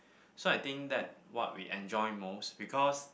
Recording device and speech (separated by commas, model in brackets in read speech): boundary microphone, conversation in the same room